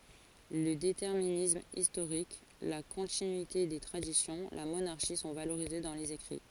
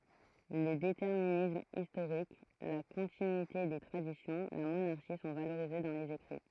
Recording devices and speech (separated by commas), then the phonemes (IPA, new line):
forehead accelerometer, throat microphone, read sentence
lə detɛʁminism istoʁik la kɔ̃tinyite de tʁadisjɔ̃ la monaʁʃi sɔ̃ valoʁize dɑ̃ lez ekʁi